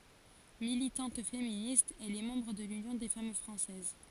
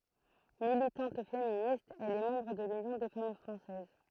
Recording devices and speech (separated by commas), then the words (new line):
forehead accelerometer, throat microphone, read sentence
Militante féministe, elle est membre de l'Union des Femmes Françaises.